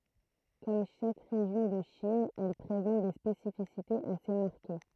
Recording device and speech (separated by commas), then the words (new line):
throat microphone, read sentence
Comme chaque région de Chine, elle présente des spécificités assez marquées.